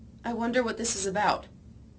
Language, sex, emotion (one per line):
English
female
fearful